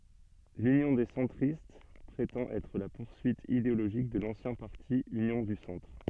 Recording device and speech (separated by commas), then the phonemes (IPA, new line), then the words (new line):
soft in-ear microphone, read sentence
lynjɔ̃ de sɑ̃tʁist pʁetɑ̃t ɛtʁ la puʁsyit ideoloʒik də lɑ̃sjɛ̃ paʁti ynjɔ̃ dy sɑ̃tʁ
L'Union des centristes prétend être la poursuite idéologique de l'ancien parti Union du Centre.